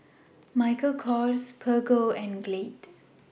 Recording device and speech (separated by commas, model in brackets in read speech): boundary microphone (BM630), read sentence